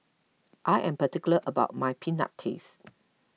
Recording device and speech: mobile phone (iPhone 6), read sentence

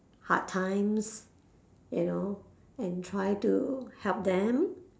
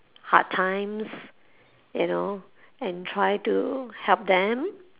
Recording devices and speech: standing microphone, telephone, conversation in separate rooms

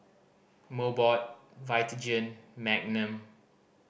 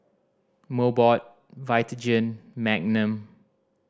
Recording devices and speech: boundary microphone (BM630), standing microphone (AKG C214), read sentence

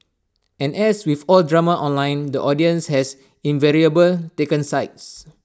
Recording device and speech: standing microphone (AKG C214), read sentence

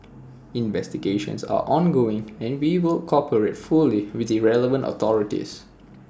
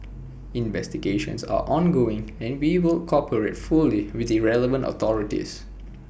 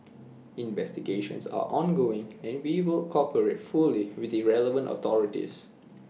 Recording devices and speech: standing microphone (AKG C214), boundary microphone (BM630), mobile phone (iPhone 6), read sentence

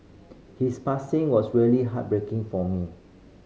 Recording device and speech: mobile phone (Samsung C5010), read sentence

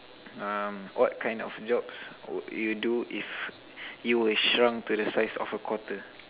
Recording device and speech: telephone, conversation in separate rooms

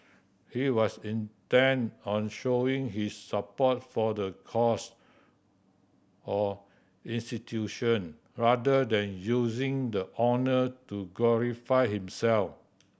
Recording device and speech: boundary microphone (BM630), read sentence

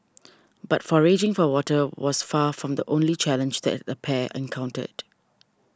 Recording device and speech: standing microphone (AKG C214), read sentence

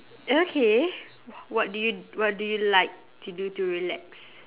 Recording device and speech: telephone, conversation in separate rooms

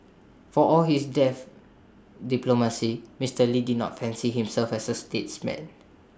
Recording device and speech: standing microphone (AKG C214), read sentence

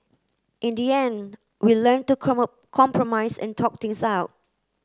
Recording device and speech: close-talking microphone (WH30), read sentence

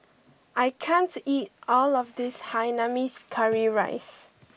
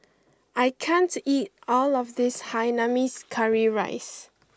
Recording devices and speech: boundary microphone (BM630), close-talking microphone (WH20), read sentence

